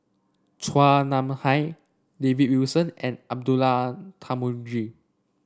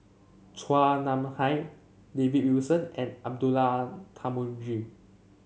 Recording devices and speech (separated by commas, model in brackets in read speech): standing microphone (AKG C214), mobile phone (Samsung C7), read sentence